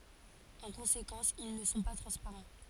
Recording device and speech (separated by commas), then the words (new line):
forehead accelerometer, read sentence
En conséquence, ils ne sont pas transparents.